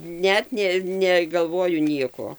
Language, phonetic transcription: Lithuanian, ˈnet nė negalˈvoju ˈnieko

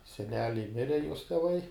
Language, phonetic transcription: Lithuanian, seˈneliai ˈmire juos teˈvai

